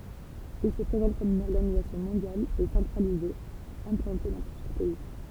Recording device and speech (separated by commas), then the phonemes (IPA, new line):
temple vibration pickup, read sentence
il sə pʁezɑ̃t kɔm yn ɔʁɡanizasjɔ̃ mɔ̃djal e sɑ̃tʁalize ɛ̃plɑ̃te dɑ̃ plyzjœʁ pɛi